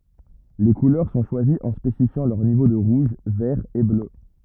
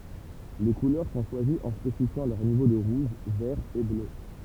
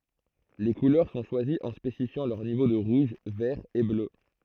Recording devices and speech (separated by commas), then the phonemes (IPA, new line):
rigid in-ear microphone, temple vibration pickup, throat microphone, read sentence
le kulœʁ sɔ̃ ʃwaziz ɑ̃ spesifjɑ̃ lœʁ nivo də ʁuʒ vɛʁ e blø